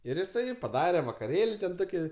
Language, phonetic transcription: Lithuanian, ir jiˈsai paˈdare vakaˈrėl' ˈtoki

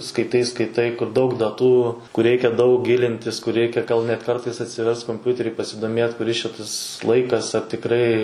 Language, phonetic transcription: Lithuanian, skaiˈtai skaiˈtai kur daug daˈtų kur ˈreikia daug ˈgilintis kur ˈreikia gal net ˈkartais atsiˈverst komˈpiuteri pasidomėt kuˈris čia ˈtas ˈlaikas ar tikˈrai

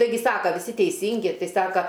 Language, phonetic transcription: Lithuanian, taiˈgi ˈsaka viˈsi teiˈsyngi ˈtai ˈsaka

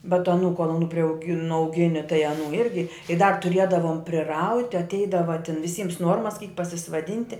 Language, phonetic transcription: Lithuanian, bet aˈnų ˈkuol aˈnų priauˈgi nuauˈgini tai aˈnų ˈirgi i dar tuˈriedavom priˈrauti atˈeidava ten viˈsyms ˈnuormas kyk pasisvaˈdinti

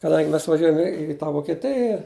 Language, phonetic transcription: Lithuanian, kaˈdangi ˈmes vaˈžiuojam i i tą vokeˈtija

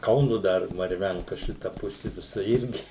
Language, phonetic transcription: Lithuanian, ˈkaunu ˈdar marˈvenka ˈšita ˈpusi viˈsa ˈirgi

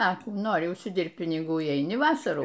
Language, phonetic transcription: Lithuanian, a ˈkų ˈnori užsiˈdirbt piniˈgų i eiˈni ˈvasarų

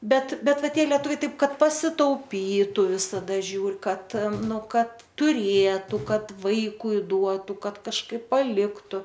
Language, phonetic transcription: Lithuanian, ˈbet ˈbet ˈva ˈtie lieˈtuviai ˈtaip ˈkad pasitauˈpytu visaˈda ˈžiūr ˈkad ˈnu ˈkad tuˈrėtu ˈkad ˈvaikui ˈduotų ˈkad kažˈkaip paˈliktu

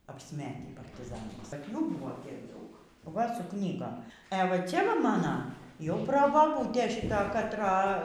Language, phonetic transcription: Lithuanian, apsˈmetį partiˈzanais tarp ˈjų ˈbūvo ˈtiek ˈdaug ˈva su ˈknygom e ˈva ˈcia ˈva ˈmana jau probaˈbūtė šiˈta katˈra

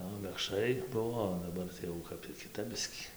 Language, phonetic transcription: Lithuanian, o mekšˈrai ˈbuvo o daˈbar jau ˈkap tį kiˈtap ˈbiskį

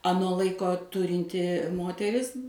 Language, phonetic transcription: Lithuanian, aˈno ˈlaiko ˈturinti ˈmoteris

